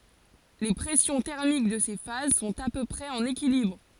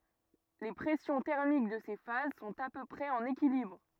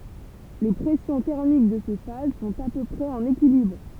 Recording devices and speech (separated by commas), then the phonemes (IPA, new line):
forehead accelerometer, rigid in-ear microphone, temple vibration pickup, read sentence
le pʁɛsjɔ̃ tɛʁmik də se faz sɔ̃t a pø pʁɛz ɑ̃n ekilibʁ